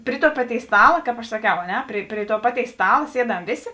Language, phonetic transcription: Lithuanian, pri tuo ˈpaˌtėis ˈstala kāp aš saˈkiau a ˈne pri pri tuo ˈpaˌtėis ˈstala ˈsieˌdam ˈvėˌsė

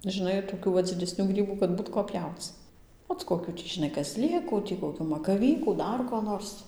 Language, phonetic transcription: Lithuanian, žiˈnai toˈkių va dzideˈsnių ˈgrybų kad ˈbūt ko ˈpjauc ˈot koˈkių tį žiˈnai kaˈzˈlėkų tį koˈkių makaˈvykų ˈdar ko ˈnors

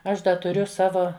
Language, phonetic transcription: Lithuanian, ˈaš ˈda tuˈriu ˈsavo

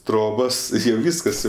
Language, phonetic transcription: Lithuanian, ˈtrobos ir jau ˈvyskas jau

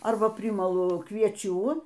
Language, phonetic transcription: Lithuanian, ˈarba ˈprimalu kvieˈčių

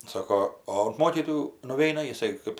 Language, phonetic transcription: Lithuanian, ˈsako o unt ˈmokytojų nuˈveina jiˈsai ˈkɜp

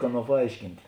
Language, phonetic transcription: Lithuanian, ˈaˌnuo paˈaiškint'

